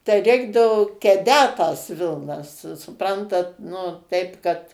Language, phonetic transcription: Lithuanian, tai ˈreikdavo keˈdęt tas ˈvilnas su suˈprantat nu ˈteip kad

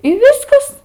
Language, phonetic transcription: Lithuanian, i ˈviskas

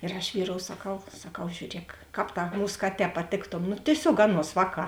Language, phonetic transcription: Lithuanian, ir aš ˈvyˌrou saˈkau saˈkau žiūˈriek ˈkāp ˈtā ˈmūs ˈkaˌtē paˈtėktom nu tieˈsiog ˈaˌnuos ˈvāˌkā

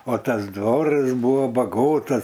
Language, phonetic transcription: Lithuanian, o ˈtas ˈdvoras ˈbūva baˈgotas

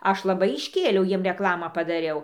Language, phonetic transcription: Lithuanian, ˈaš laˈbai išˈkėliau ˈjiem reˈklamą padaˈriau

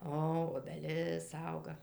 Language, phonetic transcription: Lithuanian, ˈo obeˈlis ˈauga

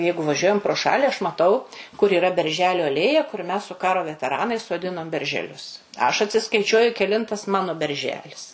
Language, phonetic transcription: Lithuanian, ˈjeigu vaˈžiuojam pro ˈšali aš maˈtau kur yˈra berˈželiu aˈlėja kur mes su ˈkaro veteˈranais soˈdinom beržeˈlius aš atsiskaiˈčiuoju keˈlintas ˈmano berˈželis

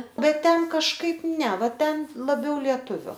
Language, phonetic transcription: Lithuanian, ˈbet ˈten kažˈkaip ˈne ˈva ˈten laˈbiau lieˈtuviu

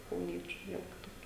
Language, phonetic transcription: Lithuanian, kauˈniečiu ˈviel kiˈtokia

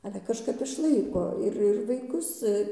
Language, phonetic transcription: Lithuanian, ˈale kažˈkap išˈlaiko ˈir ir vaiˈkus

